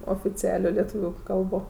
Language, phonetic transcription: Lithuanian, oficiˈalio leˈtūviu ˈkalbo

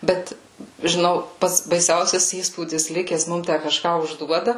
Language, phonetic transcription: Lithuanian, ˈbet žiˈnau ˈpats baiˈsiausias ˈįspūdis ˈlikes ˈmum ˈtæ kaˈžką užˈduoda

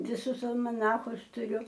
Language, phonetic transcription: Lithuanian, viˈsus almaˈnachus tuˈriu

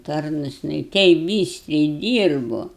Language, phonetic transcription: Lithuanian, ˈtarnus jiˈnai ˈteip ˈbystriai ˈdyrbu

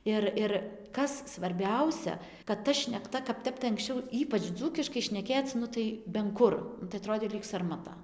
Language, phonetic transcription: Lithuanian, ˈir ir ˈkas svarˈbiausia kad ˈta šnekˈta kap ˈtep tai anksˈčiau ˈypač ˈdzūkiškai šneˈkėc ˈnu tai ben ˈkur nu tai aˈtrodė lyg sarmaˈta

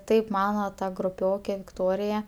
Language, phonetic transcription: Lithuanian, ˈtaip ˈmano ˈta gruˈpiokė vikˈtorija

